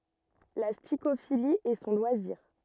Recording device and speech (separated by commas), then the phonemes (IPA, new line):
rigid in-ear microphone, read sentence
la stikofili ɛ sɔ̃ lwaziʁ